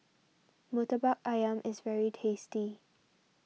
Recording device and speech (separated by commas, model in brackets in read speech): mobile phone (iPhone 6), read sentence